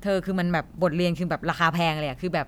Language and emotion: Thai, frustrated